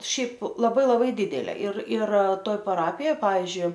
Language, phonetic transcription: Lithuanian, ˈšiaip laˈbai laˈbai ˈdidelė ir ir ˈtoj paˈrapijoj ˈpavizdžiui

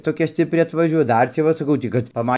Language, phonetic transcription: Lithuanian, toˈkia stipˈri atvaˈžiuoja ˈdar čia ˈva saˈkau tai kad paˈma

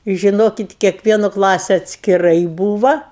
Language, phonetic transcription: Lithuanian, i žiˈnokit kiekˈvieno ˈklase atskiˈrai ˈbūva

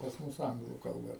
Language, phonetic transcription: Lithuanian, pas ˈmus ˈanglų kalˈba

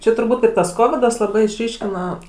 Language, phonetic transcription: Lithuanian, ˈčia turˈbūt ir tas ˈkovidas laˈbai išˈryškina

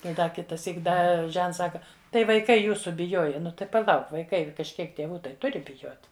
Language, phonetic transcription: Lithuanian, ˈtai ˈda kitaˈsyk ˈda ˈžents ˈsaka tai vaiˈkai ˈjūsu biˈjoja ˈnu tai paˈlauk vaiˈkai kažˈkiek tėˈvų ˈtai ˈturi biˈjot

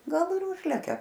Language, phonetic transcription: Lithuanian, ˈgal ir ˈužlekia

